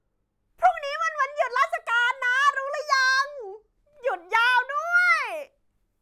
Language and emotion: Thai, happy